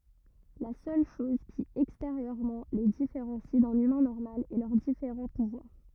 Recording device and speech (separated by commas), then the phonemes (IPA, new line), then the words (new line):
rigid in-ear microphone, read sentence
la sœl ʃɔz ki ɛksteʁjøʁmɑ̃ le difeʁɑ̃si dœ̃n ymɛ̃ nɔʁmal ɛ lœʁ difeʁɑ̃ puvwaʁ
La seule chose qui, extérieurement, les différencie d'un humain normal est leurs différents pouvoirs.